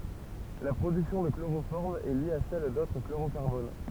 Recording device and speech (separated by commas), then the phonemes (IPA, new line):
temple vibration pickup, read sentence
la pʁodyksjɔ̃ də kloʁofɔʁm ɛ lje a sɛl dotʁ kloʁokaʁbon